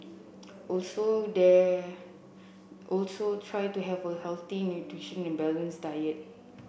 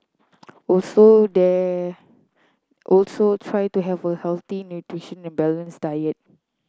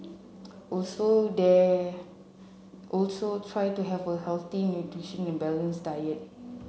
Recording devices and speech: boundary microphone (BM630), close-talking microphone (WH30), mobile phone (Samsung C7), read sentence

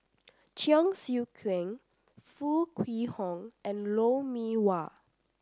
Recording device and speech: standing microphone (AKG C214), read sentence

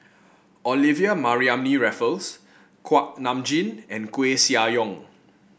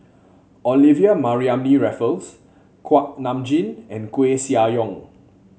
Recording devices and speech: boundary microphone (BM630), mobile phone (Samsung C7), read sentence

